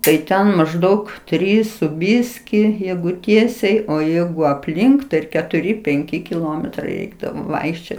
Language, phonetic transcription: Lithuanian, tai ˈten mažˈdaug ˈtrys su ˈbiskį ˈjeigu ˈtiesiai o ˈjeigu apˈlink tai ir ketuˈri penˈki kiˈlometrai ˈreikdavo ˈvaikščiot

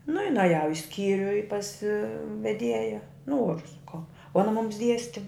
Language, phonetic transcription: Lithuanian, nu i naˈjau i ˈskyriu i pas veˈdieja ˈnoru saˈkau o aˈna mums ˈdiesti

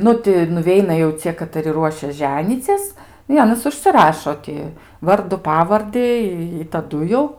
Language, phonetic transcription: Lithuanian, ˈnu ti nuˈveina jau ˈcie kataˈri ˈruošias ˈženycis i ˈanys užsiˈrašo ti ˈvardu ˈpavardi i i taˈdu jau

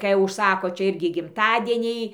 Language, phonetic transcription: Lithuanian, kai užˈsako ˈčia ˈirgi gimˈtadieniai

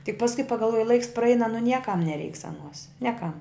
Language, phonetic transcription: Lithuanian, tik pasˈkui pagalˈvuoji laiks praˈeina nu ˈniekam neˈreiks aˈnuos ˈniekam

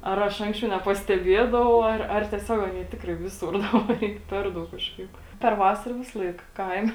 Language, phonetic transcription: Lithuanian, ar ˈaš ˈanksčiau nepasteˈbiedavau ˈar ar tieˈsiog ˈanie ˈtikrai ˈvisur ˈdabar ˈy ˈper ˌdaug ˈkažˌkaip per ˈvasara ˈvisalaik ˈkaime

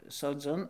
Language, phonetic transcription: Lithuanian, soˈdziun

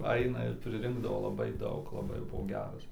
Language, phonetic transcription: Lithuanian, ˈaina ir priˈrinkdavo laˈbai ˈdaug laˈbai jau ˈbuvo ˈgeras

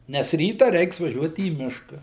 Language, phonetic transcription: Lithuanian, nes ˈryta ˈreiks vaˈžiuot į ˈmiška

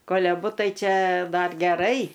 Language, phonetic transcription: Lithuanian, ˈkol' aˈbu ˈtai ˈčia ˈdar geˈrai

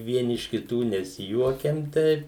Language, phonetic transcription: Lithuanian, ˈvieni iš kiˈtų nesiˈjuokiam ˈteip

